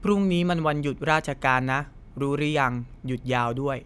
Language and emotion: Thai, neutral